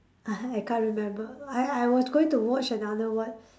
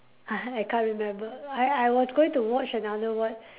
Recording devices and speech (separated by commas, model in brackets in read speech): standing microphone, telephone, conversation in separate rooms